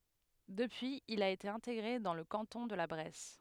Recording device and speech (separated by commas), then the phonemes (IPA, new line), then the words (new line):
headset microphone, read sentence
dəpyiz il a ete ɛ̃teɡʁe dɑ̃ lə kɑ̃tɔ̃ də la bʁɛs
Depuis, il a été intégré dans le canton de La Bresse.